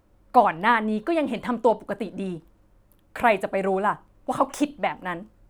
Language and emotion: Thai, frustrated